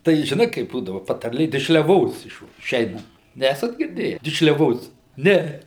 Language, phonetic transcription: Lithuanian, tai žiˈnai kaip ˈbūdava patarˈlė dišliaˈvos išv iˈšeinant ˈnesat girˈdėję dišliaˈvos ˈne

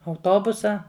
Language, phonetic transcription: Lithuanian, auˈtobusa

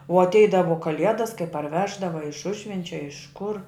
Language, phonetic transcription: Lithuanian, u atˈeidavo kaˈliedas kai parˈveždava a iš ˈužvenčia a iš kur

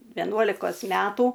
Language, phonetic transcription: Lithuanian, veˈnuolikos ˈmetų

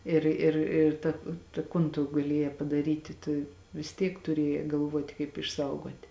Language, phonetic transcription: Lithuanian, ˈir ir ir ˈta ta ˈkun tu gaˈliejē padaˈryti tu vis ˈtiek tuˈriejē galˈvuoti kaip išˈsaugoti

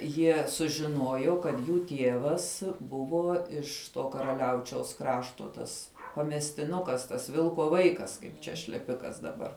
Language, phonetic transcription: Lithuanian, ˈjie sužiˈnuojo kad ˈjų ˈtievas ˈbuvo iš ˈto karaˈliaučiaus ˈkrašto tas pamestiˈnukas tas ˈvilko ˈvaikas ˈkaip čia šleˈpikas daˈbar

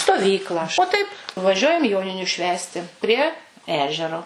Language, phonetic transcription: Lithuanian, stoˈvyklą o ˈtaip ˈvažiuojam ˈjoniniu ˈšvęsti ˈprie ˈežero

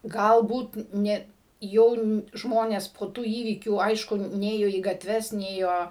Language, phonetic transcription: Lithuanian, ˈgalbūt ˈne ˈjau n ˈžmones po ˈtų ˈįvykių ˈaišku ˈnėjo į gatˈves ˈnėjo

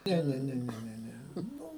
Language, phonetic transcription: Lithuanian, ˈne ˈne ˈne ˈne ˈne ˈnu

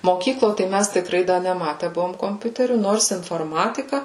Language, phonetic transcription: Lithuanian, moˈkyklo tai ˈmæs tikˈrai ˈda neˈmate ˈbuvom komˈpiuterių ˈnors inforˈmatika

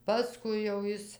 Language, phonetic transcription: Lithuanian, paˈskui jau ˈjis

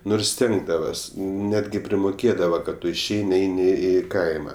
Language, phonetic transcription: Lithuanian, ˈnurs ˈstengdavas ˈnetgi primuˈkėdava kad ˈtu išˈeini ˈeini ˈį ˈkaima

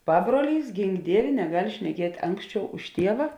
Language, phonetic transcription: Lithuanian, ˈpabruoˌlys ˈgink ˈdievė neˈgal' šneˈkiet' ˈanksˌčiau už ˈtieva

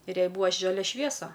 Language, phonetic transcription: Lithuanian, ir ˈjai ˈbūva ˈžalia ˈšviesa

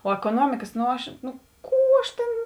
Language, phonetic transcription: Lithuanian, o ekoˈnuomikas no ˈaš nu ˈkų aš tėn

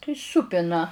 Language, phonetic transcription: Lithuanian, tai ˈsūpina

